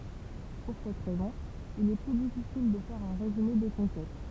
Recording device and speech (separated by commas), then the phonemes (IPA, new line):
temple vibration pickup, read sentence
puʁ sɛt ʁɛzɔ̃ il ɛ ply difisil də fɛʁ œ̃ ʁezyme de kɔ̃kɛt